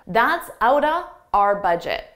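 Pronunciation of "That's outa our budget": In 'That's out of our budget', 'out of' runs together and sounds like 'outa', and 'our' is very unstressed.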